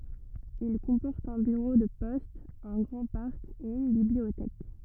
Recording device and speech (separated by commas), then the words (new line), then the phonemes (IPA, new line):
rigid in-ear microphone, read sentence
Il comporte un bureau de poste, un grand parc et une bibliothèque.
il kɔ̃pɔʁt œ̃ byʁo də pɔst œ̃ ɡʁɑ̃ paʁk e yn bibliotɛk